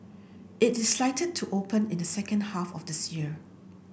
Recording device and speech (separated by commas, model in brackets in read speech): boundary microphone (BM630), read sentence